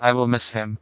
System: TTS, vocoder